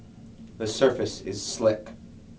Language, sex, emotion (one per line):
English
male
neutral